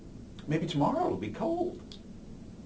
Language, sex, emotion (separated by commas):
English, male, neutral